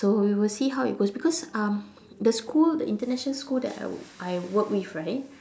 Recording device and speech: standing microphone, conversation in separate rooms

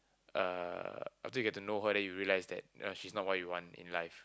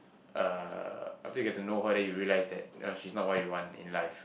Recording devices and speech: close-talking microphone, boundary microphone, conversation in the same room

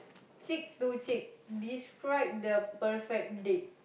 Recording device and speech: boundary microphone, conversation in the same room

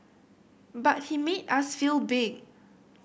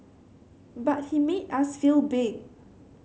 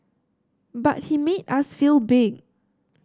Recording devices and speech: boundary microphone (BM630), mobile phone (Samsung C7100), standing microphone (AKG C214), read sentence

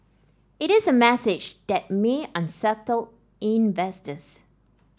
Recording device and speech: standing microphone (AKG C214), read sentence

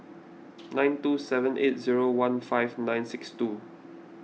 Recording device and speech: mobile phone (iPhone 6), read sentence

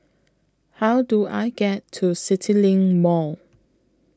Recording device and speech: close-talking microphone (WH20), read sentence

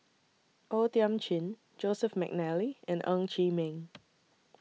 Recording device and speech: mobile phone (iPhone 6), read sentence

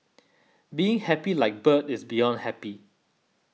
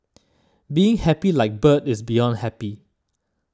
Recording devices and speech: mobile phone (iPhone 6), standing microphone (AKG C214), read sentence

